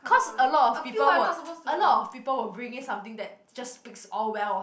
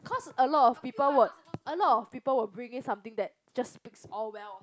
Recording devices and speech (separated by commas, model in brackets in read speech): boundary microphone, close-talking microphone, conversation in the same room